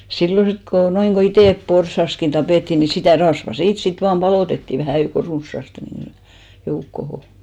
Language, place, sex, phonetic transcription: Finnish, Hinnerjoki, female, 'sillo sit ko 'noiŋɢo 'itèp "porsaskin 'tapètti ni sitä̀ "rasva 'siit sit 'vaam 'ʙalòtettì 'vähä̀ jouko "runssaste ni , 'joukkoho .
- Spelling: silloin sitten kun noin kun itse porsaskin tapettiin niin sitä rasvaa siitä sitten vain paloitettiin vähän joukon runsaasti niin joukkoon

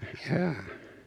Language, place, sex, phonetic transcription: Finnish, Noormarkku, male, 'jaa .
- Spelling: jaa

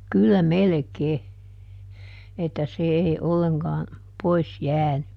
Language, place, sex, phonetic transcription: Finnish, Juupajoki, female, ˈkyllä "melᵉˈkee , että se ˈèi ˈolleŋkaa , ˈpois "jääny .
- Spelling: kyllä melkein että se ei ollenkaan pois jäänyt

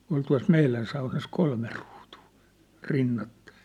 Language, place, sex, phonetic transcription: Finnish, Sippola, male, ol tua̭s 'meilän saunas 'kolme ruutuu , 'rinnattᴀɪ̆ .
- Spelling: oli tuossa meidän saunassa kolme ruutua rinnakkain

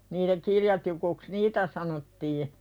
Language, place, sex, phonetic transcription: Finnish, Pälkäne, female, niitä 'kirjatikuks "niitä sanottii .
- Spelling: niitä kirjatikuiksi niitä sanottiin

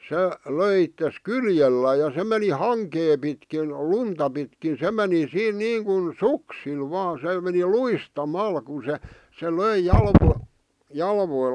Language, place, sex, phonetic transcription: Finnish, Vihti, male, 'se , 'löi ittes "kyljellää ja se meni "haŋkee pitkin , "lunta pitkin 'se meni "siin 'niiŋkun "suksil vaa se , meni 'luista"mal ku se , se "löi 'jalvoi- 'jalvoi- ,.
- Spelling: se löi itsensä kyljellään ja se meni hankea pitkin lunta pitkin se meni siinä niin kuin suksilla vain se meni luistamalla kun se se löi - -

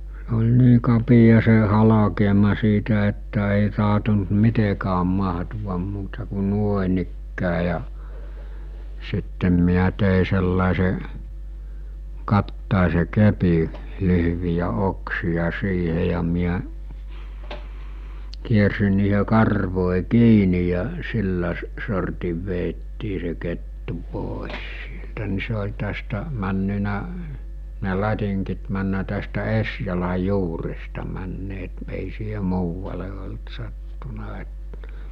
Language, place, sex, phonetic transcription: Finnish, Mikkeli, male, sᴇ oĺ 'nii kapija se 'halakeema siitä että èi taɦtont "mitekääm 'maɦtuvam muuta ku 'nuoᵉnikkää ja , sittem miä tèi sellàese , 'kattàese 'kepi , 'lyhʿʸʾvijä 'oksija 'siihe ja miä , 'kiersin̆ niihe 'karvòi 'kiini ja , 'sillä s- , sortiv veettii se kettu pòes sieltä ni se ol̜ tästä , männynä , ne 'lat̜iŋkit männä tästä 'esjalaj̆ 'juuresta männeet èi siihe 'muuvale olt sattuna et(tᴀ̈) .
- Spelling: se oli niin kapea se halkeama siitä että ei tahtonut mitenkään mahtua muuta kuin noinikään ja sitten minä tein sellaisen katajaisen kepin lyhyitä oksia siihen ja minä kiersin niihin karvoihin kiinni ja sillä - sortin vedettiin se kettu pois sieltä niin se oli tästä mennyt ne latingit mennyt tästä esijalan juuresta menneet ei siihen muualle ollut sattunut että

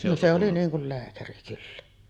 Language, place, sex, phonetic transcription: Finnish, Sotkamo, female, no 'se oli 'niiŋ kul 'lääkäri kyllä .
- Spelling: no se oli niin kuin lääkäri kyllä

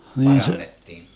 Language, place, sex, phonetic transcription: Finnish, Vermlanti, male, 'hnii se ,.
- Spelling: niin se

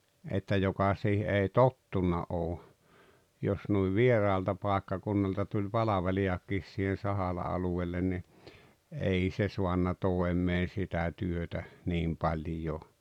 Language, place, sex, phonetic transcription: Finnish, Rautalampi, male, että 'joka 'siihe "ei "tottuna "oo͕ , 'jos nuiv "vieraalta 'pàekkakunnalta tuĺ "palavelijak̆kis siihen̬ 'Sahala aluwellen ni , "ei se 'suanna "toem̆meen̬ 'sitä 'työtä , 'niim 'paĺjoo .
- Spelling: että joka siihen ei tottunut ole jos noin vieraalta paikkakunnalta tuli palvelijakin siihen Sahalan alueelle niin ei se saanut toimeen sitä työtä niin paljon

